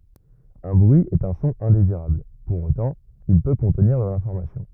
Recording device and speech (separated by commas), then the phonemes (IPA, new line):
rigid in-ear microphone, read sentence
œ̃ bʁyi ɛt œ̃ sɔ̃ ɛ̃deziʁabl puʁ otɑ̃ il pø kɔ̃tniʁ də lɛ̃fɔʁmasjɔ̃